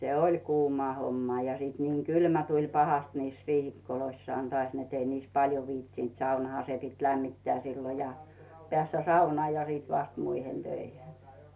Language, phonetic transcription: Finnish, se 'oĺ kuumaa hommaa ja sìt niiŋ 'kylmä tuĺ pahast niis 'riihikkoloissᵒàn toàs net ei niis 'paljo viitsint 'saunaha se pit lämmitteä 'sillo ja , 'peä̀ssä "saunaa ja 'sìt vast 'muihen 'töihen .
- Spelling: se oli kuumaa hommaa ja siitä niin kylmä tuli pahasti niissä riihikoissaan taas että ei niissä paljon viitsinyt saunahan se piti lämmittää silloin ja päästä saunaan ja sitten vasta muihin töihin

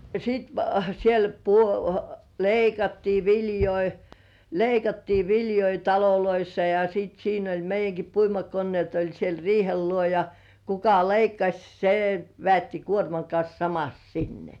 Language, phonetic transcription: Finnish, sìt , siel pu- , "'leikattii 'viljoi , "leikattii 'viljoi taloloissa ja 'siit siin ‿oĺ 'meij̆jäŋki "puimakonnièt oĺ siel 'riihel luo[n] ja , 'kuka "leikkaś se "vĕä̀tti 'kuormaŋ kans 'samas "sinne .
- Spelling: sitten siellä - leikattiin viljoja leikattiin viljoja taloissa ja sitten siinä oli meidänkin puimakoneet oli siellä riihen luona ja kuka leikkasi se vedätti kuorman kanssa samassa sinne

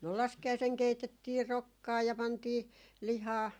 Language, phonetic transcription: Finnish, no 'laski₍aiseŋ 'keitettii "rokkaa ja 'pantii , "lihaa ,.
- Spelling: no laskiaisena keitettiin rokkaa ja pantiin lihaa

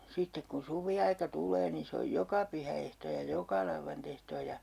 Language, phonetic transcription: Finnish, 'sittek kun 'suvi₍aika "tul̆lee nin̬ 'se oj "joka pyhä₍ehtoo ja "joka lauvvantehtoo ja , .
- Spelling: sitten kun suviaika tulee niin se on joka pyhäehtoo ja joka lauantaiehtoo ja

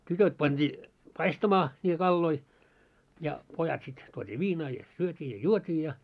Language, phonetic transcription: Finnish, 'tytöt panᴅii , "paistamaa , ńiitä 'kalloi , ja 'pojat sit , tuot́ii "viinaa ja 'syöt́ii ja "juot́ii ja .
- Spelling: tytöt pantiin paistamaan niitä kaloja ja pojat sitten tuotiin viinaa ja syötiin ja juotiin ja

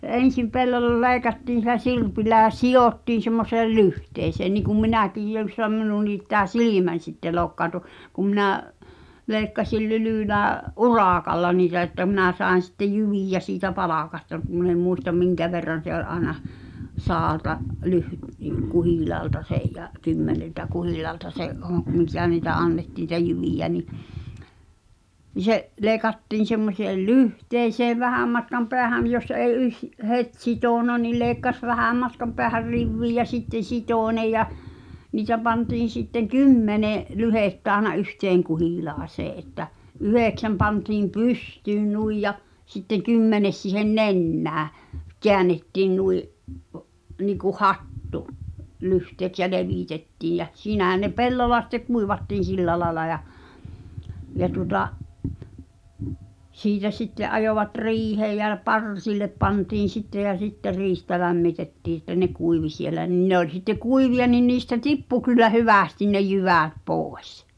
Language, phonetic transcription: Finnish, ’en̬sim 'pellolla 'lèi̬kattiin̬ silä "sirpil̆lä ʲä "sijòttiin̬ semmoseel "lyhteeseen niikum 'minä̀kij jon̬̳ss ‿om 'minùniit tää "silìmän̬ sitte lòukkaan̆tu , kum minä̀ , 'leeⁱkkasil 'Lylỳlää’ , "’uràkalla niitä että 'minä̀ saen̬ sitteʲ "jyvìjä siitä 'palàkasta mut ʿku) min ‿em 'mùistam 'miŋkä verran se o(l) ’aena , "saalta , 'lyh- , (ʲᵘ) 'kuhìlaalta 'sèj ja , "kymmeneltä 'kuhilaalta 'se’ , (ho-) mitä niitä 'annettiiⁿ [nii]tä "jyvìjä ni’ , ni se’ , 'lèi̬kattiin̬ semmoseel "lyhteeseev 'vähäm matkam 'peähäm̳ jos ei 'yh- , "het sitòna nil̆ 'leeⁱkkas 'vähä̀m matkam peähär "rivviij̆ jä 'sitten̬ 'sitò ne jä , ni̳tä 'pantiin̬ sitteŋ "kymmene’ , 'lyhettä aĕna "yhteeŋ 'kuhìlaasee’ ’että , 'yhèksäm pantiim "pystyyn 'nuij ja , sitteŋ 'kymmenes si̳hen "nennää , 'keän̆nettiin 'nui’ , (’o-) , niiŋku "hattu , 'lyhteeks jä "levìtettiij jä , 'siinähän ne "pellolla sⁱtte 'kuivattiin̬ 'sillä laĕla ja , ja tuota’ , 'siitä 'sitte’ '’ajovat "riihee ja , "parsillep pantiin̬ 'sitte jä "sitter 'riihtä 'lämmitettii ᵉttä ne 'kuivi sielä nin 'ne ‿oĺ sitte "kuivi₍a nin niistä "tippu kyllä "hyvä̀stin ne 'jyvä̀t "pòes .
- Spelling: ensin pelloilla leikattiin sillä sirpillä ja sidottiin semmoiseen lyhteeseen niin kuin minäkin jossa on minunkin tämä silmäni sitten loukkaantui kun minä leikkasin Lylylään urakalla niitä että minä sain sitten jyviä siitä palkasta mutta kun minä en muista minkä verran se oli aina sadalta - - kuhilaalta sen ja kymmeneltä kuhilaalta se - mitä niitä annettiin niitä jyviä niin niin se leikattiin semmoiseen lyhteeseen vähän matkan päähän jos ei - heti sitonut niin leikkasi vähän matkan päähän riviin ja sitten sitoi ne ja niitä pantiin sitten kymmenen lyhdettä aina yhteen kuhilaaseen että yhdeksän pantiin pystyyn noin ja sitten kymmenes siihen nenään käännettiin noin - niin kuin hattu lyhteeksi ja levitettiin ja siinähän ne pellolla sitten kuivattiin sillä lailla ja ja tuota siitä sitten ajoivat riiheen ja parsille pantiin sitten ja sitten riihtä lämmitettiin että ne kuivui siellä niin ne oli sitten kuivia niin niistä tippui kyllä hyvästi ne jyvät pois

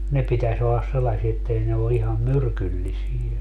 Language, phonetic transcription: Finnish, 'ne pitäs ‿ollas 'sellasie ettei ne o 'iham "myrkyllisijä .
- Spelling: ne pitäisi olla sellaisia että ei ne ole ihan myrkyllisiä

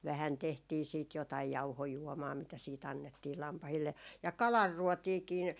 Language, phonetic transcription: Finnish, 'vähän 'tehtii siit jotaij "jauhojuɔmaa mitä sii't ‿annettii 'lampahille , ja "kalar'ruotiikiin ,.
- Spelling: vähän tehtiin sitten jotakin jauhojuomaa mitä sitten annettiin lampaille ja kalanruotiakin

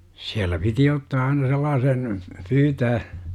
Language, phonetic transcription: Finnish, 'siäl̆lä piti 'ottaa aina 'sellaasen , "pyytää , .
- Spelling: siellä piti ottaa aina sellaisen pyytää

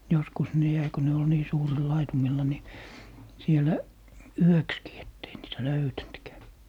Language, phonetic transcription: Finnish, 'joskus ne 'jäi ko ne ol "nii 'suuril 'laitumilla ni , 'sielä , "yökskii ett ‿ei niitä "löytäntkää .
- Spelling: joskus ne jäi kun ne oli niin suurilla laitumilla niin siellä yöksikin että ei niitä löytänytkään

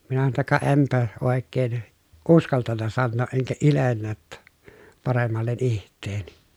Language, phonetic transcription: Finnish, minä sano ‿tta » ka ʼempä , òekkeen , uskaltanna sannooʼ ʼeŋkä ilennä ‿ttä , paremmallen iht̀eeni » .
- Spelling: minä sanoin jotta ka enpä oikein uskaltanut sanoa enkä iljennyt että paremmalle itseäni

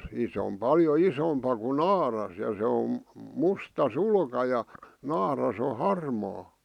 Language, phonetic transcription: Finnish, 'i- s ‿om 'paljo 'isompa ku "naaras ja 'se om , "musta "sulka ja , 'naaras o "harmaa .
- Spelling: - se on paljon isompi kuin naaras ja se on musta sulka ja naaras on harmaa

